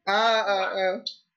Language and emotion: Thai, happy